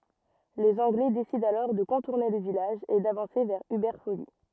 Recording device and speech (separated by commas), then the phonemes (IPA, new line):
rigid in-ear microphone, read sentence
lez ɑ̃ɡlɛ desidɑ̃ alɔʁ də kɔ̃tuʁne lə vilaʒ e davɑ̃se vɛʁ ybɛʁ foli